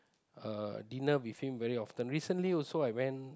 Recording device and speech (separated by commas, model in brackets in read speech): close-talking microphone, conversation in the same room